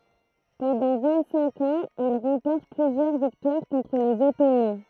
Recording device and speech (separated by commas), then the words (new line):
throat microphone, read sentence
Pendant vingt-cinq ans, il remporte plusieurs victoires contre les Ottomans.